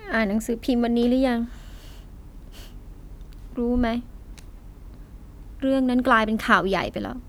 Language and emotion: Thai, sad